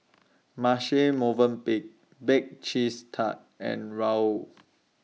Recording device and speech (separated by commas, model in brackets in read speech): mobile phone (iPhone 6), read sentence